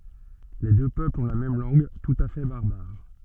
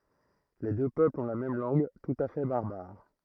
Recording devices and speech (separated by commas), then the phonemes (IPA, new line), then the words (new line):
soft in-ear microphone, throat microphone, read sentence
le dø pøplz ɔ̃ la mɛm lɑ̃ɡ tut a fɛ baʁbaʁ
Les deux peuples ont la même langue, tout à fait barbare.